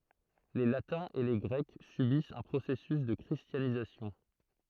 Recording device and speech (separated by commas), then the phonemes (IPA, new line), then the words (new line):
throat microphone, read sentence
le latɛ̃z e le ɡʁɛk sybist œ̃ pʁosɛsys də kʁistjanizasjɔ̃
Les Latins et les Grecs subissent un processus de christianisation.